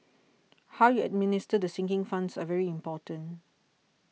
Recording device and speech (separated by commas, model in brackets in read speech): mobile phone (iPhone 6), read sentence